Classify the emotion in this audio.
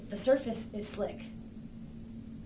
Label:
neutral